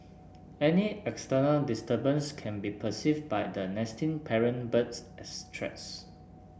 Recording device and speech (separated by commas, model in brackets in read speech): boundary microphone (BM630), read sentence